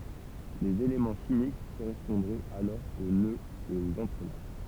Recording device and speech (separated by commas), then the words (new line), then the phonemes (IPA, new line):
temple vibration pickup, read sentence
Les éléments chimiques correspondraient alors aux nœuds et aux entrelacs.
lez elemɑ̃ ʃimik koʁɛspɔ̃dʁɛt alɔʁ o nøz e oz ɑ̃tʁəlak